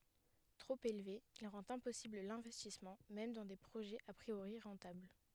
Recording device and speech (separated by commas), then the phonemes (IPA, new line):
headset microphone, read sentence
tʁop elve il ʁɑ̃t ɛ̃pɔsibl lɛ̃vɛstismɑ̃ mɛm dɑ̃ de pʁoʒɛz a pʁioʁi ʁɑ̃tabl